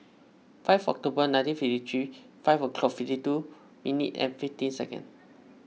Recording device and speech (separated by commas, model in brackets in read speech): mobile phone (iPhone 6), read sentence